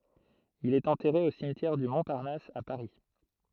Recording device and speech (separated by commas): throat microphone, read sentence